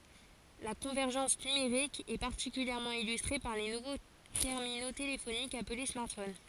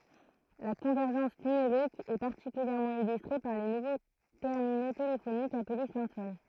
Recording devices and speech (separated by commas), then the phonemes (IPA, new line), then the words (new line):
forehead accelerometer, throat microphone, read sentence
la kɔ̃vɛʁʒɑ̃s nymeʁik ɛ paʁtikyljɛʁmɑ̃ ilystʁe paʁ le nuvo tɛʁmino telefonikz aple smaʁtfon
La convergence numérique est particulièrement illustrée par les nouveaux terminaux téléphoniques appelés smartphones.